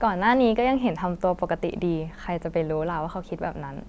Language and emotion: Thai, neutral